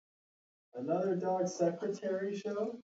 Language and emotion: English, fearful